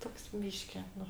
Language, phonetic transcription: Lithuanian, ˈtoks ˈbyški ˈnu

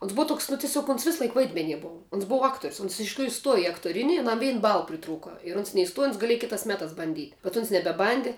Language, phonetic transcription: Lithuanian, ons ˈbuva ˈtoks nu tiˈsiog ons ˈvisˌlaik ˈvaidmenie ˈbova ons ˈbova ˈaktorius uns iš tikˈrųju ˈstuoja i aktoˈrini aˈnam ˈvein ˈbal priˈtrūka ir ˈuns neiˈstuoja uns gaˈlieja ˈkitās ˈmetās banˈdyt' bet uns nebeˈbandi

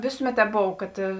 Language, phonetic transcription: Lithuanian, ˈvėsuˌmet ˈtēp ˈbov ˈkad

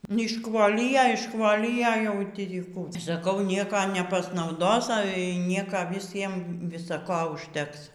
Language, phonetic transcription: Lithuanian, neišˈkvolija išˈkvolija jau ˈtį ˈkų saˈkau ˈnieka nepasnauˈdos ˈale y ˈnieka viˈsiem viˈsa ˈko užˈteks

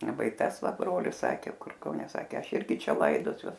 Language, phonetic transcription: Lithuanian, ˈva i ˈtas ˈva ˈbrolis ˈsakė ˈkur kauˈne ˈsakė ˈaš ˈirgi ˈčia ˈlaidosiuos

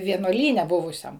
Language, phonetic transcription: Lithuanian, vienuoˈlyne ˈbuvusiam

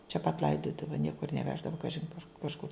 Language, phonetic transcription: Lithuanian, čia pat ˈlaidodava ˈniekur neˈveždava ˈkažin kur kažˈkur

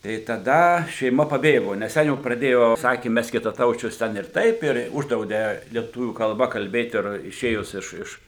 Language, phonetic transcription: Lithuanian, tai taˈda šeiˈma paˈbėgo nes ˈten jau praˈdėjo ˈsakė ˈmes kitaˈtaučius ˈten ir ˈtaip ir ˈuždraudė lieˈtuvių kalˈba kalˈbėt ir iˈšėjus iš ˈiš

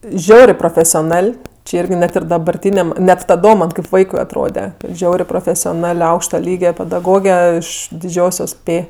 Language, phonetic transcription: Lithuanian, ˈžiaurė profesioˈnal' či ˈirgi ˈnet ir dabarˈtyniam net taˈdom ˈman' kaip ˈvaikui atˈrode ˈžiaurė profesioˈnal' ˈaukšta ˈlyge pedaˈgoge iš diˈdžiosios ˈpė

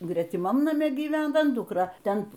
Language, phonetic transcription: Lithuanian, gretiˈmam naˈme gyˈvena ˈdukra ˈten

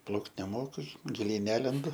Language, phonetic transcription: Lithuanian, ˈplaukt neˈmoku giˈliai ˈnelendu

